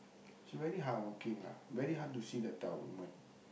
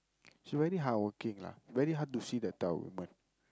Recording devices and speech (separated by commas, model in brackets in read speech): boundary microphone, close-talking microphone, conversation in the same room